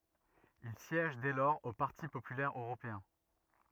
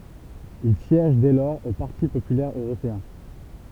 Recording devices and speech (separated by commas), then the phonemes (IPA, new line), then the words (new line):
rigid in-ear microphone, temple vibration pickup, read sentence
il sjɛʒ dɛ lɔʁz o paʁti popylɛʁ øʁopeɛ̃
Il siège dès lors au Parti populaire européen.